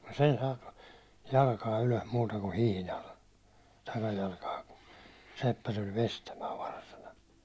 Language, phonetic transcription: Finnish, m̥ sen (ei) 'saakkᴀ , 'jalkaa ylos muuta ku 'hihnal , 'takajalkaa ku , 'seppä tuĺ 'vestämää varsana .
- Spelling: mm sen ei saakaan jalkaa ylös muuta kuin hihnalla takajalkaa kun seppä tuli veistämään varsana

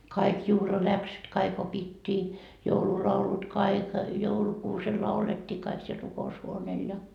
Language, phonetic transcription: Finnish, 'kaik 'juhla'läksyt 'kaik opittii , 'joululaulut "kaik , 'joulukuusel 'laulettii kaik siel 'ruko₍ushuoneel ja .
- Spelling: kaikki juhlaläksyt kaikki opittiin joululaulut kaikki joulukuusella laulettiin kaikki siellä rukoushuoneella ja

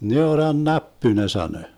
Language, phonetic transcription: Finnish, 'neoran"näppy ne 'sanö .
- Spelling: neurannäppy ne sanoi

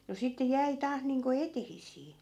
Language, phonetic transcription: Finnish, no sitte 'jäi 'taah niiŋko "etehis̆sii .
- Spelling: no sitten jäi taas niin kuin eteisiä

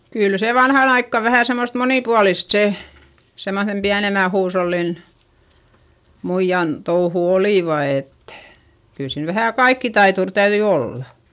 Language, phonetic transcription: Finnish, kyl se vanhan ‿aikka vähä̀ semmost monìpualist se , semmoϑem piänemä huushollin , muijjan touhu olìva et , kyl siin vähä̀ kaikkitaitur täyδyi olla .
- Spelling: kyllä se vanhaan aikaan vähän semmoista monipuolista se semmoisen pienemmän huushollin muijan touhut olivat että kyllä siinä vähän kaikkitaituri täytyi olla

